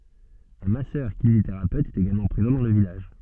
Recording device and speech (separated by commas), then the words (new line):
soft in-ear microphone, read sentence
Un Masseur-kinésithérapeute est également présent dans le village.